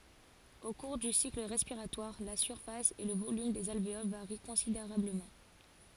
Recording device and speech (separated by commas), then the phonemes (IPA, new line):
forehead accelerometer, read sentence
o kuʁ dy sikl ʁɛspiʁatwaʁ la syʁfas e lə volym dez alveol vaʁi kɔ̃sideʁabləmɑ̃